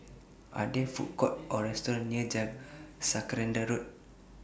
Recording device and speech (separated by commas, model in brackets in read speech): boundary microphone (BM630), read sentence